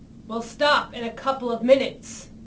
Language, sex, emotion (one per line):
English
female
angry